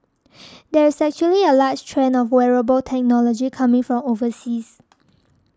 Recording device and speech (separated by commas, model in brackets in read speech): standing microphone (AKG C214), read sentence